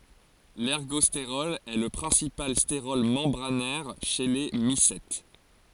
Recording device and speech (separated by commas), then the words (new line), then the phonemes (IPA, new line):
forehead accelerometer, read sentence
L'ergostérol est le principal stérol membranaire chez les mycètes.
lɛʁɡɔsteʁɔl ɛ lə pʁɛ̃sipal steʁɔl mɑ̃bʁanɛʁ ʃe le misɛt